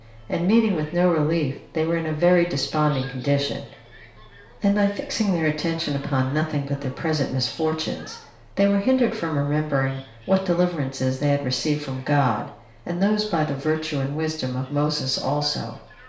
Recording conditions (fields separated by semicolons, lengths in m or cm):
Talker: one person; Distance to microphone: 1.0 m; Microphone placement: close; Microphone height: 1.1 m; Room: small (3.7 m by 2.7 m); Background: television